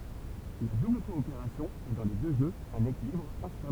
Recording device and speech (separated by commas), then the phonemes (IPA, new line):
temple vibration pickup, read sentence
la dubl kɔopeʁasjɔ̃ ɛ dɑ̃ le dø ʒøz œ̃n ekilibʁ ɛ̃stabl